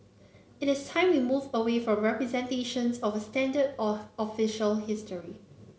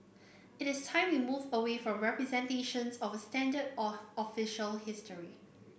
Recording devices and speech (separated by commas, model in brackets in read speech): mobile phone (Samsung C9), boundary microphone (BM630), read sentence